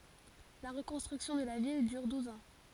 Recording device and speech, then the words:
forehead accelerometer, read sentence
La reconstruction de la ville dure douze ans.

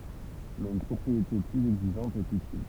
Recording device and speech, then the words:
temple vibration pickup, read sentence
Mais une propriété plus exigeante est utile.

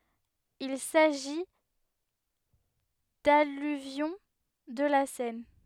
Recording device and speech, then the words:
headset microphone, read sentence
Il s'agit d'alluvions de la Seine.

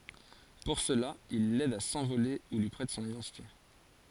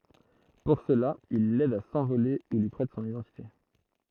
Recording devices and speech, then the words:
forehead accelerometer, throat microphone, read sentence
Pour cela, il l'aide à s'envoler ou lui prête son identité.

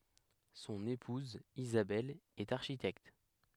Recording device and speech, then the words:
headset microphone, read sentence
Son épouse Isabelle est architecte.

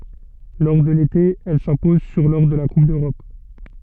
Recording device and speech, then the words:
soft in-ear microphone, read sentence
Lors de l'été, elle s'impose sur lors de la Coupe d'Europe.

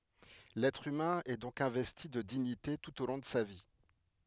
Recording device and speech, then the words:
headset microphone, read sentence
L'être humain est donc investi de dignité tout au long de sa vie.

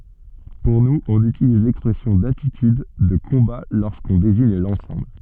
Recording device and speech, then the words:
soft in-ear microphone, read sentence
Pour nous, on utilise l’expression d’attitude de combat lorsqu’on désigne l’ensemble.

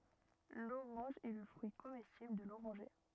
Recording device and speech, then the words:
rigid in-ear microphone, read sentence
L'orange est le fruit comestible de l'oranger.

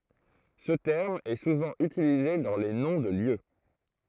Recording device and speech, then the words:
throat microphone, read sentence
Ce terme est souvent utilisé dans les noms de lieux.

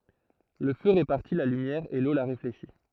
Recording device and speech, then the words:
throat microphone, read sentence
Le feu répartit la lumière et l'eau la réfléchit.

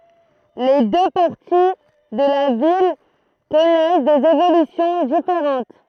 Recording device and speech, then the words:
throat microphone, read sentence
Les deux parties de la ville connaissent des évolutions différentes.

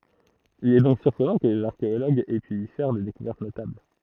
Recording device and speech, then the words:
throat microphone, read sentence
Il est donc surprenant que les archéologues aient pu y faire des découvertes notables.

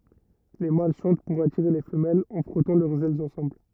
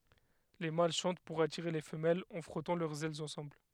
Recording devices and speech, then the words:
rigid in-ear microphone, headset microphone, read sentence
Les mâles chantent pour attirer les femelles en frottant leurs ailes ensemble.

